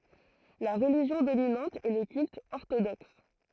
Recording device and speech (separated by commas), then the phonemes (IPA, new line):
throat microphone, read sentence
la ʁəliʒjɔ̃ dominɑ̃t ɛ lə kylt ɔʁtodɔks